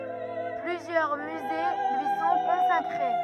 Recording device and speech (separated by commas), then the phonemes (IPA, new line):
rigid in-ear microphone, read sentence
plyzjœʁ myze lyi sɔ̃ kɔ̃sakʁe